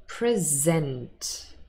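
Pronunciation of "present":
'Present' is pronounced as the verb, not the noun, with the stress on the second syllable.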